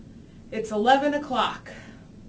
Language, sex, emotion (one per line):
English
female
disgusted